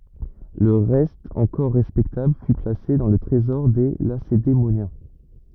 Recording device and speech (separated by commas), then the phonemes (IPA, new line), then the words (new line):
rigid in-ear microphone, read sentence
lə ʁɛst ɑ̃kɔʁ ʁɛspɛktabl fy plase dɑ̃ lə tʁezɔʁ de lasedemonjɛ̃
Le reste encore respectable fut placé dans le Trésor des Lacédémoniens.